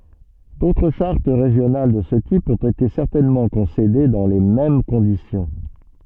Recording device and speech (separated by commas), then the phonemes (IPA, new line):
soft in-ear microphone, read sentence
dotʁ ʃaʁt ʁeʒjonal də sə tip ɔ̃t ete sɛʁtɛnmɑ̃ kɔ̃sede dɑ̃ le mɛm kɔ̃disjɔ̃